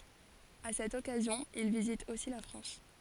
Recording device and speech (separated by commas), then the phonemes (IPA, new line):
forehead accelerometer, read sentence
a sɛt ɔkazjɔ̃ il vizit osi la fʁɑ̃s